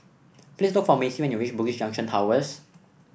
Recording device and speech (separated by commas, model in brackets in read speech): boundary microphone (BM630), read sentence